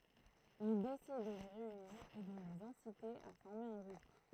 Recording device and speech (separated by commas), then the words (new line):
throat microphone, read sentence
Il décide de les réunir et de les inciter à former un groupe.